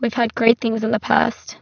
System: VC, spectral filtering